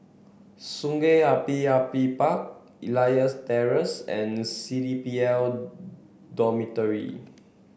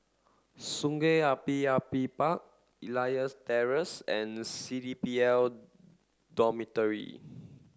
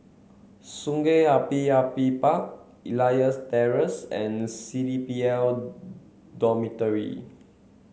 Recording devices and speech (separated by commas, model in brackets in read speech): boundary microphone (BM630), standing microphone (AKG C214), mobile phone (Samsung C7), read sentence